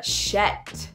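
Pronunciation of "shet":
'Shet' is a Scottish-accent way of saying 'shit', with the vowel sounding as in 'Shetland'.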